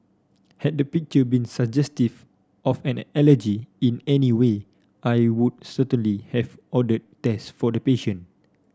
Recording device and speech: standing microphone (AKG C214), read sentence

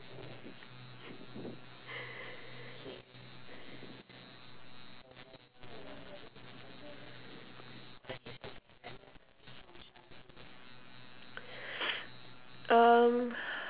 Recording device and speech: telephone, conversation in separate rooms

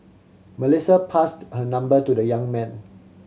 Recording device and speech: mobile phone (Samsung C7100), read sentence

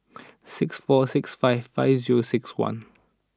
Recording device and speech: standing microphone (AKG C214), read sentence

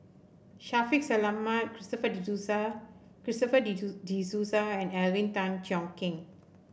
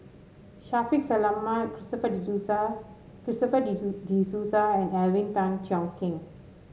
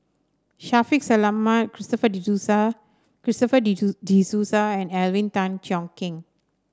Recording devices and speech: boundary microphone (BM630), mobile phone (Samsung S8), standing microphone (AKG C214), read sentence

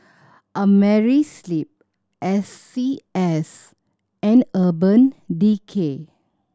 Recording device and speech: standing microphone (AKG C214), read sentence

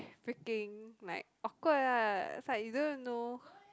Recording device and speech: close-talking microphone, conversation in the same room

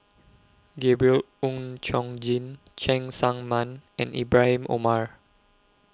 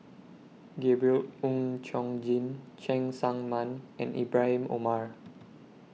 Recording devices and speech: close-talking microphone (WH20), mobile phone (iPhone 6), read sentence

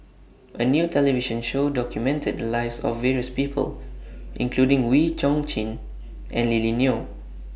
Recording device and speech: boundary microphone (BM630), read sentence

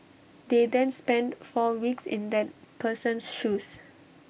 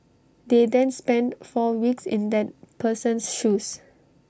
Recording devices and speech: boundary microphone (BM630), standing microphone (AKG C214), read sentence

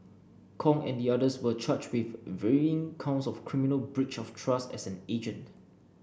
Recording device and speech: boundary microphone (BM630), read sentence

